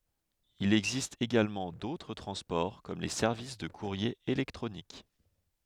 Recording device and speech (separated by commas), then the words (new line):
headset microphone, read sentence
Il existe également d’autres transports comme les services de courrier électronique.